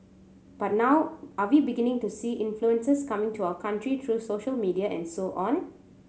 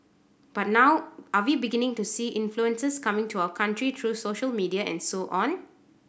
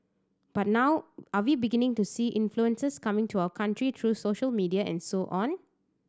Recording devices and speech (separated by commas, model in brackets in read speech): mobile phone (Samsung C7100), boundary microphone (BM630), standing microphone (AKG C214), read sentence